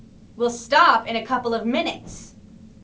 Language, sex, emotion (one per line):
English
female
angry